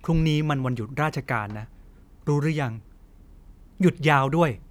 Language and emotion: Thai, frustrated